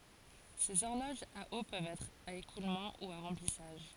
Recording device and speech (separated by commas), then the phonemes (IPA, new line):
forehead accelerometer, read sentence
sez ɔʁloʒz a o pøvt ɛtʁ a ekulmɑ̃ u a ʁɑ̃plisaʒ